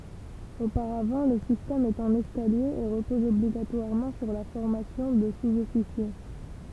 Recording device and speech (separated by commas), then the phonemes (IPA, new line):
temple vibration pickup, read sentence
opaʁavɑ̃ lə sistɛm ɛt ɑ̃n ɛskalje e ʁəpɔz ɔbliɡatwaʁmɑ̃ syʁ la fɔʁmasjɔ̃ də suzɔfisje